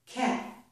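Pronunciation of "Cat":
The t at the end of 'cat' is unreleased: the air is not released strongly after it, as it would be with a regular t sound.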